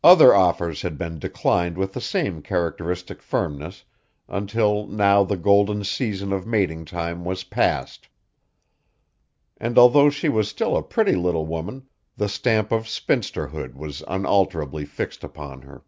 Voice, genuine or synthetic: genuine